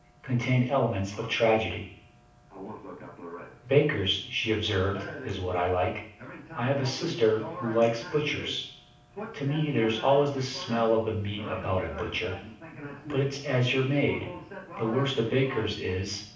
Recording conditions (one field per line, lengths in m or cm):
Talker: one person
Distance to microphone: 5.8 m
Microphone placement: far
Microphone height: 1.8 m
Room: medium-sized (5.7 m by 4.0 m)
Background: television